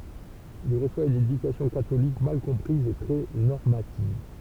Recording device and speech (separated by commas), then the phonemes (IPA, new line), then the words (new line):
temple vibration pickup, read sentence
il ʁəswa yn edykasjɔ̃ katolik mal kɔ̃pʁiz e tʁɛ nɔʁmativ
Il reçoit une éducation catholique mal comprise et très normative.